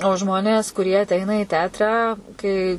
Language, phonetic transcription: Lithuanian, o ˈžmonės kuˈrie aˈteina i ˈteatrą kai

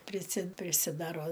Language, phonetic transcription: Lithuanian, priˈsi prisiˈdaro

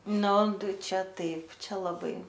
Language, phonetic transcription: Lithuanian, ˈnu ˈtai ˈčia ˈtaip ˈčia laˈbai

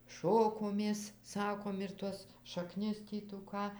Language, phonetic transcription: Lithuanian, ˈšokomės ˈsakom ir ˈtuos šaˈknis ˈtį tų ˈką

